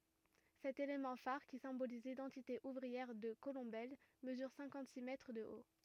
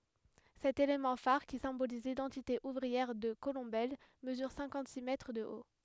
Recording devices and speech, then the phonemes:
rigid in-ear microphone, headset microphone, read sentence
sɛt elemɑ̃ faʁ ki sɛ̃boliz lidɑ̃tite uvʁiɛʁ də kolɔ̃bɛl məzyʁ sɛ̃kɑ̃t si mɛtʁ də o

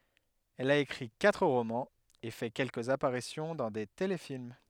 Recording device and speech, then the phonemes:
headset microphone, read sentence
ɛl a ekʁi katʁ ʁomɑ̃z e fɛ kɛlkəz apaʁisjɔ̃ dɑ̃ de telefilm

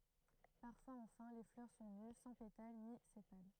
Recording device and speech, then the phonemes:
throat microphone, read sentence
paʁfwaz ɑ̃fɛ̃ le flœʁ sɔ̃ ny sɑ̃ petal ni sepal

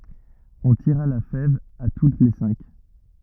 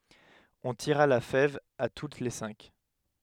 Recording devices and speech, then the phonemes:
rigid in-ear microphone, headset microphone, read sentence
ɔ̃ tiʁa la fɛv a tut le sɛ̃k

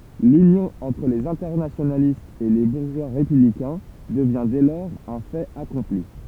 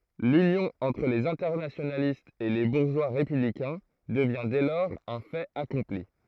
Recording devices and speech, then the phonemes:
temple vibration pickup, throat microphone, read sentence
lynjɔ̃ ɑ̃tʁ lez ɛ̃tɛʁnasjonalistz e le buʁʒwa ʁepyblikɛ̃ dəvjɛ̃ dɛ lɔʁz œ̃ fɛt akɔ̃pli

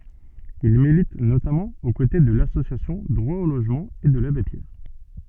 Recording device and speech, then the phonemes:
soft in-ear microphone, read sentence
il milit notamɑ̃ o kote də lasosjasjɔ̃ dʁwa o loʒmɑ̃ e də labe pjɛʁ

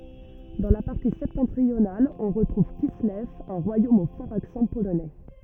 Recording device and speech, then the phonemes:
rigid in-ear microphone, read sentence
dɑ̃ la paʁti sɛptɑ̃tʁional ɔ̃ ʁətʁuv kislɛv œ̃ ʁwajom o fɔʁz aksɑ̃ polonɛ

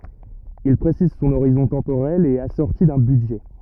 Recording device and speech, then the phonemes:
rigid in-ear microphone, read sentence
il pʁesiz sɔ̃n oʁizɔ̃ tɑ̃poʁɛl e ɛt asɔʁti dœ̃ bydʒɛ

